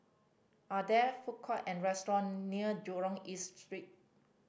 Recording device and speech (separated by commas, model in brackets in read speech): boundary microphone (BM630), read sentence